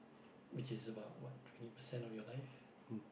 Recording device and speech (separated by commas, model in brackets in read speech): boundary microphone, conversation in the same room